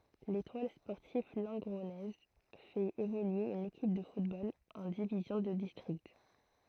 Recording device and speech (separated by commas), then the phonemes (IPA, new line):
throat microphone, read sentence
letwal spɔʁtiv lɑ̃ɡʁɔnɛz fɛt evolye yn ekip də futbol ɑ̃ divizjɔ̃ də distʁikt